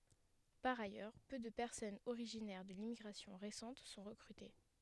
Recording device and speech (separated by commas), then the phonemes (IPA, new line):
headset microphone, read sentence
paʁ ajœʁ pø də pɛʁsɔnz oʁiʒinɛʁ də limmiɡʁasjɔ̃ ʁesɑ̃t sɔ̃ ʁəkʁyte